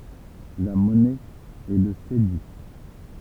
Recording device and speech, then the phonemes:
temple vibration pickup, read sentence
la mɔnɛ ɛ lə sedi

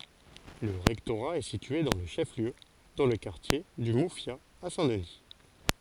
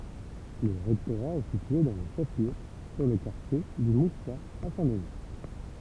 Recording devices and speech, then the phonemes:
forehead accelerometer, temple vibration pickup, read sentence
lə ʁɛktoʁa ɛ sitye dɑ̃ lə ʃɛf ljø dɑ̃ lə kaʁtje dy mufja a sɛ̃ dəni

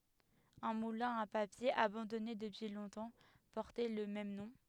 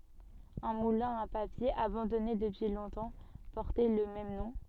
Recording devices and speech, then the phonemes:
headset microphone, soft in-ear microphone, read sentence
œ̃ mulɛ̃ a papje abɑ̃dɔne dəpyi lɔ̃tɑ̃ pɔʁtɛ lə mɛm nɔ̃

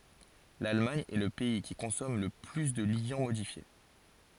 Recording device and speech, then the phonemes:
forehead accelerometer, read sentence
lalmaɲ ɛ lə pɛi ki kɔ̃sɔm lə ply də ljɑ̃ modifje

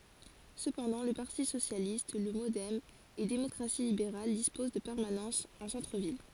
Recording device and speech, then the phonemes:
forehead accelerometer, read sentence
səpɑ̃dɑ̃ lə paʁti sosjalist lə modɛm e demɔkʁasi libeʁal dispoz də pɛʁmanɑ̃sz ɑ̃ sɑ̃tʁəvil

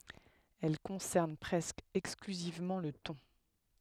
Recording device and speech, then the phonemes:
headset microphone, read sentence
ɛl kɔ̃sɛʁn pʁɛskə ɛksklyzivmɑ̃ lə tɔ̃

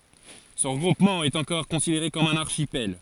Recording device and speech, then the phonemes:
forehead accelerometer, read sentence
sə ʁəɡʁupmɑ̃ ɛt ɑ̃kɔʁ kɔ̃sideʁe kɔm œ̃n aʁʃipɛl

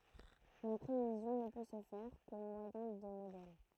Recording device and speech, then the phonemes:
throat microphone, read sentence
la pʁevizjɔ̃ nə pø sə fɛʁ ko mwajɛ̃ də modɛl

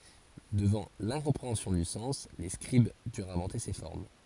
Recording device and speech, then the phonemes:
forehead accelerometer, read sentence
dəvɑ̃ lɛ̃kɔ̃pʁeɑ̃sjɔ̃ dy sɑ̃s le skʁib dyʁt ɛ̃vɑ̃te se fɔʁm

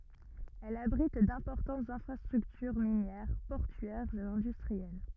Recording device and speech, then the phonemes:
rigid in-ear microphone, read sentence
ɛl abʁit dɛ̃pɔʁtɑ̃tz ɛ̃fʁastʁyktyʁ minjɛʁ pɔʁtyɛʁz e ɛ̃dystʁiɛl

